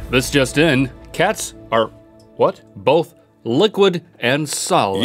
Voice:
news reporter voice